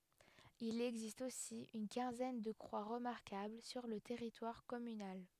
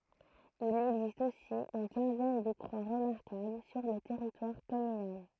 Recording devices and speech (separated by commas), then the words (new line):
headset microphone, throat microphone, read sentence
Il existe aussi une quinzaine de croix remarquables sur le territoire communal.